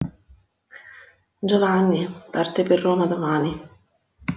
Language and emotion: Italian, sad